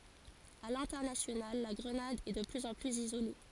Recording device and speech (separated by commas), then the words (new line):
forehead accelerometer, read sentence
À l'international, la Grenade est de plus en plus isolée.